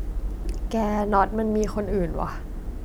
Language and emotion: Thai, sad